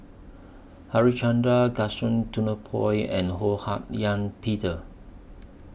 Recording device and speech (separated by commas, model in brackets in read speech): boundary microphone (BM630), read sentence